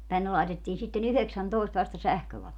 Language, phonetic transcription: Finnish, 'tänne laitettiin sitte"n ‿yheksäntòest vasta 'sähkövalot .
- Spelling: tänne laitettiin sitten yhdeksäntoista vasta sähkövalot

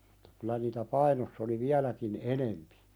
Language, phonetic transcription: Finnish, ᴍᴜtta kylä niitä 'Painoss ‿oli "viäläkin "enempi .
- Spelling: Mutta kyllä niitä Painossa oli vieläkin enempi

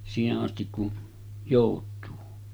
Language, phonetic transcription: Finnish, 'siihe’ ’astik kun , 'jòut̆tuu .
- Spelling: siihen asti kun joutuu

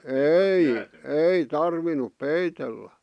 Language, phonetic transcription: Finnish, èi , "ei 'tarvinup 'peitellä .
- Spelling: ei ei tarvinnut peitellä

